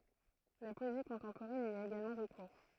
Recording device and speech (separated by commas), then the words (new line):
throat microphone, read sentence
La poésie contemporaine y a également recours.